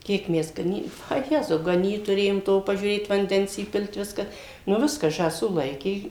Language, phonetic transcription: Lithuanian, ˈkiek ˈmes gaˈny a ˈjezau gaˈnyt tuˈrėjom ˈto pažiūˈrėt vanˈdens įˈpil't' ˈviską nu ˈviską žąˈsų ˈlaikė

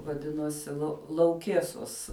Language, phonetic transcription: Lithuanian, vaˈdinosi la lauˈkiesos

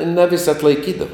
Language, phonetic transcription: Lithuanian, na vis' atlaiˈkydava

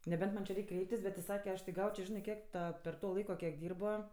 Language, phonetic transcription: Lithuanian, neˈbent man' či ˈreik' ˈkreiptis bet ti ˈsake ˈaš tik ˈgaučio ˈžinɜ ˈkiek ˈta per ˈto ˈlaiko kiek ˈdyrbo

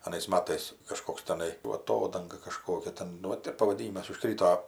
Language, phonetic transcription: Lithuanian, aˈnais ˈmatais kaˈžkoks teˈnai ˈva aˈtodanga kaˈžkokia ˈten nu ˈvat ir pavaˈdynimas uˈžkryto

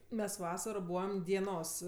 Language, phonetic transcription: Lithuanian, mes ˈvasaro ˈbūvam dieˈnos

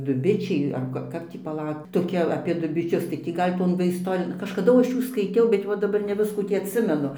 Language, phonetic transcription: Lithuanian, duˈbičiai ar ˈka ˈkap tį paˈlauk toˈkia apė dubiˈčius tai ˈtį ˈgal' ˈton va ˈistorijon kažkaˈdu ˈaš ˈjų skaiˈtiau bet ˈva daˈbar ne ˈviskų ˈtį atˈsimenu

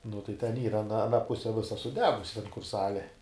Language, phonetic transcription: Lithuanian, nu tai ten ˈyra aˈna aˈna ˈpuse ˈvisa suˈdegusi ten kur ˈsalė

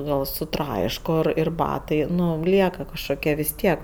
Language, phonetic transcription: Lithuanian, ˈgal suˈtraiško ˈir ir ˈbatai ˈnu ˈlieka kažkoˈkia vis ˈtiek

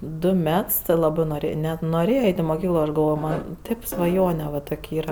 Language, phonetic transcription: Lithuanian, ˈdu ˈmets ti ˈlabɜ ˈnori net noˈrėja ˈeit' i moˈkyklo ˈaš galˈvojo man' ˈtėp svaˈjone va ˈtok' ˈyra

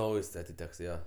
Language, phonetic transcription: Lithuanian, ˈnaujs atiˈteks ˈjo

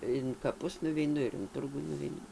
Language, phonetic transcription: Lithuanian, in kaˈpus nuveiˈnu in ˈturgų nuveiˈnu

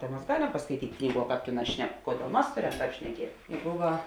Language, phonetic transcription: Lithuanian, ˈta mas ˈgaˌlem paskaiˈtyt' ˈknyˌguo ˈkāp ˈtėˌnās ˈšnek ˈkoˌdėl ˈmas ˈtāp šneˈkiet ˈbuva

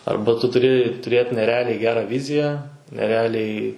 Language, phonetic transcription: Lithuanian, ˈarba tu tuˈri tuˈrėt neˈrealiai ˈgera ˈviziją neˈrealiai

